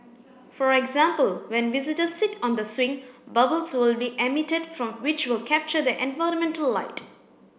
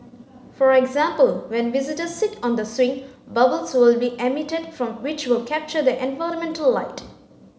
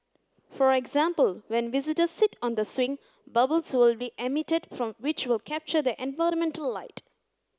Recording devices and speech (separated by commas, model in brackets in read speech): boundary microphone (BM630), mobile phone (Samsung C9), close-talking microphone (WH30), read sentence